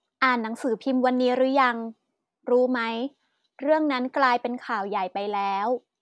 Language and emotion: Thai, neutral